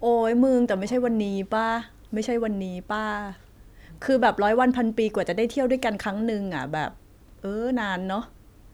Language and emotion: Thai, frustrated